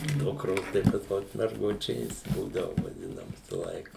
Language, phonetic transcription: Lithuanian, ˈdukros tai pas ˈmus merˈgučės ˈbūdavu vaˈdina ˈvisa ˈlaika

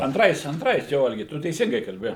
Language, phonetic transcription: Lithuanian, anˈtrais anˈtrais ˈjo ˈalgi ˈtu teiˈsingai kalˈbi

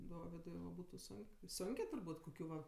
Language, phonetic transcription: Lithuanian, ˈdovidui va ˈbūtu ˈsunk ˈsunkė turˈbūt' koˈkių va

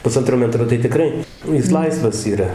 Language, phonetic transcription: Lithuanian, puˈsantro ˈmetro tai tiˈkrai ˈjis ˈlaisvas yˈra

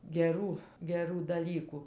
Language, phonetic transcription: Lithuanian, geˈrų geˈrų daˈlyku

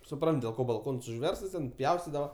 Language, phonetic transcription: Lithuanian, suˈprant dėl ˈko balˈkons užˈverstas ˈten ˈpjaustidava

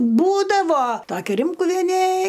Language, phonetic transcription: Lithuanian, ˈbūdavo ˈtokia ˈrimkuvienė

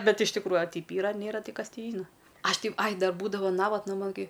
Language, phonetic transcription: Lithuanian, ˈbet iš tikˈrųju a ˈteip ˈyra a ˈnėra ˈti ˈkas ˈtį ˈžyna ˈaš ti ai ˈdar ˈbūdavo ˈnavatna ˈman ˈkai

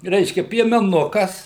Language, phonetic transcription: Lithuanian, ˈreiškia piemeˈnukas

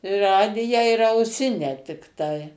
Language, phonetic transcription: Lithuanian, i ˈradiją ir auˈsinę tikˈtai

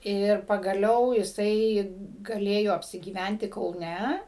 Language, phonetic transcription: Lithuanian, ˈir pagaˈliau jiˈsai gaˈlėjo apsigyˈvænti kauˈne

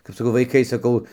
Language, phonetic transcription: Lithuanian, kap saˈkau vaiˈkai saˈkau

